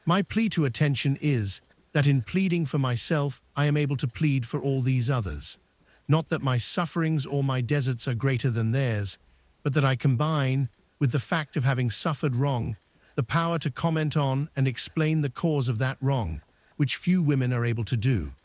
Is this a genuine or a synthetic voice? synthetic